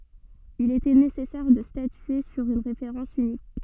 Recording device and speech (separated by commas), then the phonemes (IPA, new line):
soft in-ear microphone, read sentence
il etɛ nesɛsɛʁ də statye syʁ yn ʁefeʁɑ̃s ynik